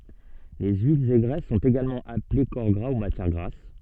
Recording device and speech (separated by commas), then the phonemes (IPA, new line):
soft in-ear microphone, read sentence
le yilz e ɡʁɛs sɔ̃t eɡalmɑ̃ aple kɔʁ ɡʁa u matjɛʁ ɡʁas